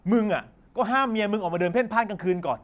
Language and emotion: Thai, angry